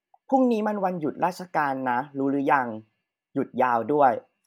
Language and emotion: Thai, neutral